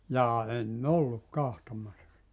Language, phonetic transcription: Finnish, 'jaa en"n ‿olluk 'kahtomassa sⁱtä .
- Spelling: jaa en ollut katsomassa sitä

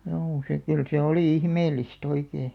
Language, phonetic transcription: Finnish, juu , se kyl se 'olì "ihmeellis't ‿oikee .
- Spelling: juu se kyllä se oli ihmeellistä oikein

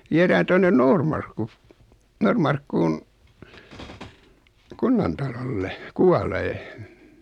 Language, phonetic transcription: Finnish, 'vierään 'tonnen "Noormarkku , 'No̳rmarkkuun , 'kunnantalolle , "kualee .
- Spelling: viedään tuonne Noormarkku Noormarkkuun kunnantalolle kuolemaan

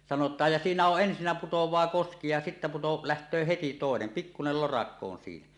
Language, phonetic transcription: Finnish, 'sanot̀aaj ja "siinä 'oˀ 'ˀensinnä putoẁaa "koski ja sittä 'puto- , "läht̀öö heti 'tòenen , 'pikkunel 'lorakko on siinä .
- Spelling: sanotaan ja siinä on ensinnä putoaa koski ja sitten - lähtee heti toinen pikkuinen lorakko on siinä

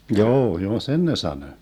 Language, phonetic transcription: Finnish, 'njoo , joo "sen ne 'sanö .
- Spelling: joo joo sen ne sanoi

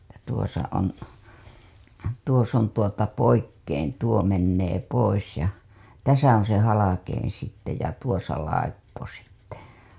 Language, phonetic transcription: Finnish, ja tuosa on , 'tuos ‿on tuota , "poikkein 'tuo mennee 'pois ja , "täsä oo̰ se 'halakein̬ sitte ja "tuosa 'laippo sitte .
- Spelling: ja tuossa on tuossa on tuota poikkein tuo menee pois ja tässä ole se halkein sitten ja tuossa laippo sitten

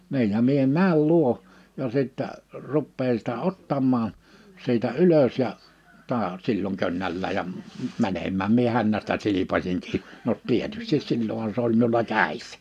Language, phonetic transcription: Finnish, 'niij ja 'mie "määl "luo , ja 'sittä , 'ruppeen̬ sitä 'ottammaaa̰ , 'siitä "ylös ja , 'ta̳a̳ , 'silloŋ 'könnällääj ja m- , 'mänemmääm mie 'hännästä 'silipaśiŋ 'kii , no ‿'t̆tietystis 'sil͕l͕oha 'se ‿oĺ miula "kä̀issᴀ̈ .
- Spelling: niin ja minä menen luo ja sitten rupean sitä ottamaan siitä ylös ja taas silloin könnällään ja - menemään minä hännästä silpaisin kiinni no tietysti silloinhan se oli minulla kädessä

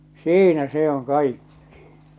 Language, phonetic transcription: Finnish, siinä 'se ‿oŋ 'kaikkɪ .
- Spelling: siinä se on kaikki

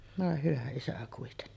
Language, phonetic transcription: Finnish, vòe hyvä isä kuitenni .
- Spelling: voi hyvä isä kuitenkin

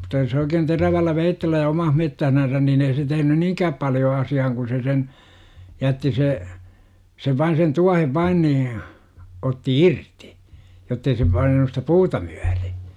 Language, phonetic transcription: Finnish, mut̆ta jos oikeen terävällä 'veittellä ja 'oman mettähnänsän niin ei tehnyn "niiŋkääp paljo asi₍ahaŋ ku se sen , 'jätti 'se , sev 'vain sen 'tuahev "vain nii , otti "irti , jottei se 'painanu stä "puuta mYÄRI .
- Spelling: mutta jos oikein terävällä veitsellä ja oman metsässänsä niin ei tehnyt niinkään paljon asiaan kun se sen jätti se sen vain sen tuohen vain niin otti irti jotta ei se painanut sitä puuta myöten

